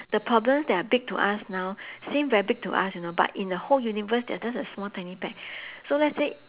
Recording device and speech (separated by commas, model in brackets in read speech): telephone, conversation in separate rooms